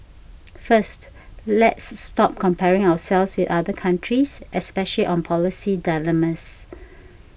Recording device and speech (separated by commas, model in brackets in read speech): boundary microphone (BM630), read sentence